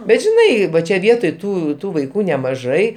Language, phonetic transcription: Lithuanian, bet žiˈnai ˈva čia ˈvietoj ˈtų ˈtų vaiˈkų nemaˈžai

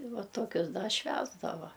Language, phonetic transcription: Lithuanian, i ˈva ˈtokius da ˈšvęsdava

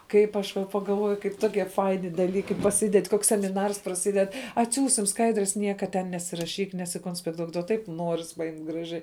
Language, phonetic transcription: Lithuanian, ˈkaip aš va pagalˈvoju kaip ˈtokie ˈfaini daˈlykai paˈsided' ˈkoks semiˈnars praˈsided atˈsiųsim ˈskaidres ˈnieka ten nesiraˈšyk nesikonspekˈtuok duo ˈtaip ˈnuoris paˈjimt' graˈžiai

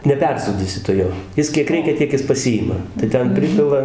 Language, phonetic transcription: Lithuanian, neˈpersūdysi tu ˈjo ˈjis kiek ˈreikia ˈtiek jis paˈsijima tai ˈten ˈpripila

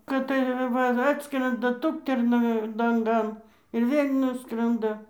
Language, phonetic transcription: Lithuanian, kad tai ˈva ˈatskrenda ˈtukterna lanˈgan ir ˈvėl' ˈnuskranda

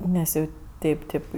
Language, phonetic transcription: Lithuanian, ˈnes jau ˈteip ˈteip

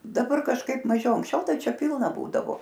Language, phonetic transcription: Lithuanian, daˈbar kažˈkaip maˈžiau anksˈčiau ˈtai ˈčia ˈpilna ˈbūdavo

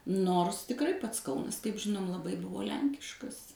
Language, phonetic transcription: Lithuanian, ˈnors tikˈrai ˈpats ˈkaunas kaip ˈžinom laˈbai ˈbuvo ˈlenkiškas

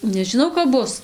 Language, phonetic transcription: Lithuanian, nežiˈnau kap ˈbus

